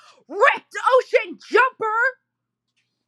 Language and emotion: English, disgusted